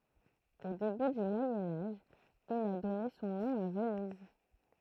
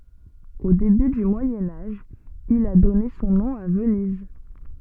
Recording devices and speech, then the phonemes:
throat microphone, soft in-ear microphone, read sentence
o deby dy mwajɛ̃ aʒ il a dɔne sɔ̃ nɔ̃ a vəniz

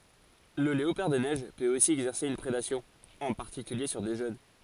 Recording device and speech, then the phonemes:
forehead accelerometer, read sentence
lə leopaʁ de nɛʒ pøt osi ɛɡzɛʁse yn pʁedasjɔ̃ ɑ̃ paʁtikylje syʁ de ʒøn

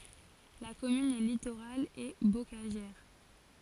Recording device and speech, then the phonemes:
forehead accelerometer, read sentence
la kɔmyn ɛ litoʁal e bokaʒɛʁ

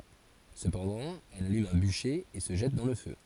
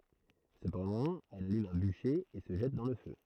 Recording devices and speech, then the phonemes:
forehead accelerometer, throat microphone, read sentence
səpɑ̃dɑ̃ ɛl alym œ̃ byʃe e sə ʒɛt dɑ̃ lə fø

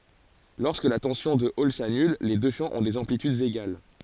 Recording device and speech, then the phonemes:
forehead accelerometer, read sentence
lɔʁskə la tɑ̃sjɔ̃ də ɔl sanyl le dø ʃɑ̃ ɔ̃ dez ɑ̃plitydz eɡal

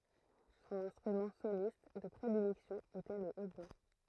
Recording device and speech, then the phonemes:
throat microphone, read sentence
sɔ̃n ɛ̃stʁymɑ̃ solist də pʁedilɛksjɔ̃ etɛ lə otbwa

